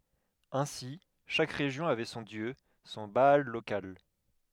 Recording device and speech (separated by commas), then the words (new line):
headset microphone, read sentence
Ainsi, chaque région avait son dieu, son Baal local.